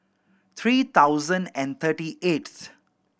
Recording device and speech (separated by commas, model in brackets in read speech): boundary microphone (BM630), read sentence